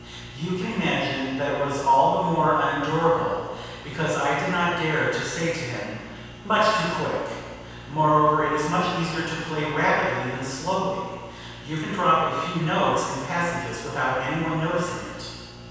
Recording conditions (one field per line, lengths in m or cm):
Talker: one person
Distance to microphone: 7.1 m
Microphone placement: far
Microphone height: 1.7 m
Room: very reverberant, large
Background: none